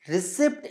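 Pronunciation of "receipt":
'Receipt' is pronounced incorrectly here.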